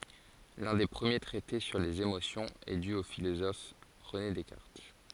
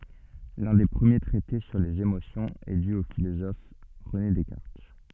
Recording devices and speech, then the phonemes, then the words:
forehead accelerometer, soft in-ear microphone, read sentence
lœ̃ de pʁəmje tʁɛte syʁ lez emosjɔ̃z ɛ dy o filozɔf ʁəne dɛskaʁt
L'un des premiers traités sur les émotions est dû au philosophe René Descartes.

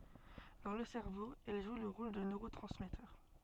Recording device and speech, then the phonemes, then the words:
soft in-ear microphone, read sentence
dɑ̃ lə sɛʁvo ɛl ʒw lə ʁol də nøʁotʁɑ̃smɛtœʁ
Dans le cerveau, elles jouent le rôle de neurotransmetteurs.

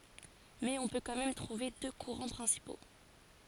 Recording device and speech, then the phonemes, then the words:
forehead accelerometer, read sentence
mɛz ɔ̃ pø kɑ̃ mɛm tʁuve dø kuʁɑ̃ pʁɛ̃sipo
Mais on peut quand même trouver deux courants principaux.

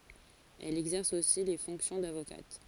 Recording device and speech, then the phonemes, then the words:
forehead accelerometer, read sentence
ɛl ɛɡzɛʁs osi le fɔ̃ksjɔ̃ davokat
Elle exerce aussi les fonctions d'avocate.

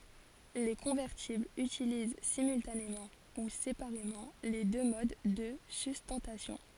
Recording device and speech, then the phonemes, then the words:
forehead accelerometer, read sentence
le kɔ̃vɛʁtiblz ytiliz simyltanemɑ̃ u sepaʁemɑ̃ le dø mod də systɑ̃tasjɔ̃
Les convertibles utilisent simultanément ou séparément les deux modes de sustentation.

